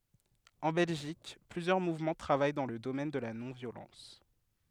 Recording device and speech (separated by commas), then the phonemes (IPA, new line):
headset microphone, read sentence
ɑ̃ bɛlʒik plyzjœʁ muvmɑ̃ tʁavaj dɑ̃ lə domɛn də la nɔ̃vjolɑ̃s